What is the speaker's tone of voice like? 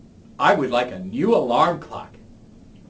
neutral